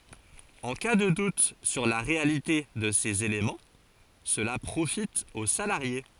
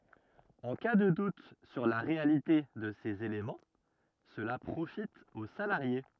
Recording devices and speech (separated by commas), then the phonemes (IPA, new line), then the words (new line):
forehead accelerometer, rigid in-ear microphone, read sentence
ɑ̃ ka də dut syʁ la ʁealite də sez elemɑ̃ səla pʁofit o salaʁje
En cas de doute sur la réalité de ces éléments, cela profite au salarié.